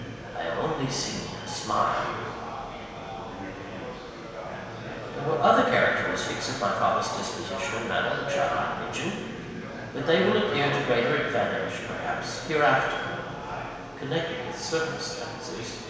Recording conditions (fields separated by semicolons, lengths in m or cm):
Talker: one person; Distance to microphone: 1.7 m; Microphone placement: close; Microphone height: 1.0 m; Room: very reverberant, large; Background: babble